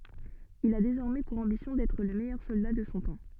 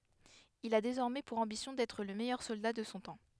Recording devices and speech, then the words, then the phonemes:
soft in-ear microphone, headset microphone, read sentence
Il a désormais pour ambition d’être le meilleur soldat de son temps.
il a dezɔʁmɛ puʁ ɑ̃bisjɔ̃ dɛtʁ lə mɛjœʁ sɔlda də sɔ̃ tɑ̃

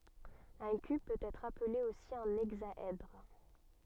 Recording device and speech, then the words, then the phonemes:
soft in-ear microphone, read sentence
Un cube peut être appelé aussi un hexaèdre.
œ̃ kyb pøt ɛtʁ aple osi œ̃ ɛɡzaɛdʁ

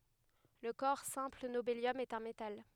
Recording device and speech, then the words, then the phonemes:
headset microphone, read sentence
Le corps simple nobélium est un métal.
lə kɔʁ sɛ̃pl nobeljɔm ɛt œ̃ metal

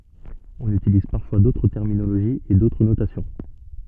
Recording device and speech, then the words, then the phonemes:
soft in-ear microphone, read sentence
On utilise parfois d'autres terminologies et d'autres notations.
ɔ̃n ytiliz paʁfwa dotʁ tɛʁminoloʒiz e dotʁ notasjɔ̃

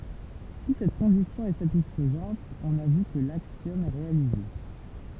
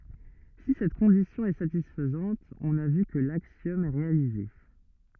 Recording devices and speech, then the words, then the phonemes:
temple vibration pickup, rigid in-ear microphone, read sentence
Si cette condition est satisfaite on a vu que l'axiome est réalisé.
si sɛt kɔ̃disjɔ̃ ɛ satisfɛt ɔ̃n a vy kə laksjɔm ɛ ʁealize

